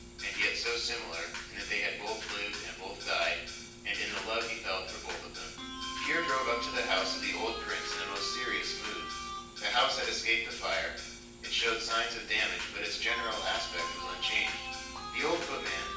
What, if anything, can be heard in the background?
Music.